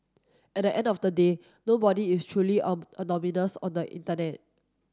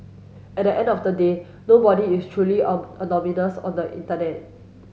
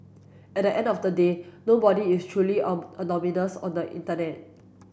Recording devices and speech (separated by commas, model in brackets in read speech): standing microphone (AKG C214), mobile phone (Samsung S8), boundary microphone (BM630), read sentence